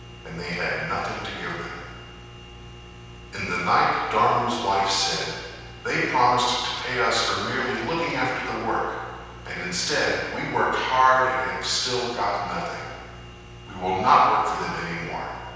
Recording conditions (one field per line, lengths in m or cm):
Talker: one person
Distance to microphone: 7.1 m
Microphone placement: far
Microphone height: 1.7 m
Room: very reverberant, large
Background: none